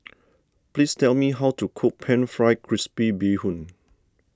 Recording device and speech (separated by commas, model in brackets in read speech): standing microphone (AKG C214), read sentence